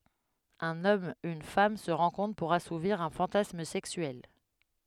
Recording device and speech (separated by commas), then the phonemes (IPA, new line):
headset microphone, read sentence
œ̃n ɔm yn fam sə ʁɑ̃kɔ̃tʁ puʁ asuviʁ œ̃ fɑ̃tasm sɛksyɛl